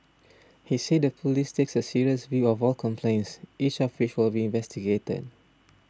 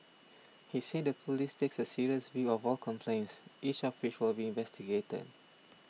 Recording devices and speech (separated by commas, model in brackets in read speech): standing microphone (AKG C214), mobile phone (iPhone 6), read sentence